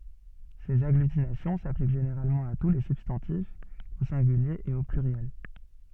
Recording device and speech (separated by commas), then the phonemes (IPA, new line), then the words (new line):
soft in-ear microphone, read sentence
sez aɡlytinasjɔ̃ saplik ʒeneʁalmɑ̃ a tu le sybstɑ̃tifz o sɛ̃ɡylje e o plyʁjɛl
Ces agglutinations s'appliquent généralement à tous les substantifs, au singulier et au pluriel.